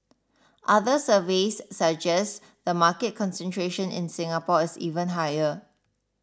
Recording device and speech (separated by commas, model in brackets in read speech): standing microphone (AKG C214), read sentence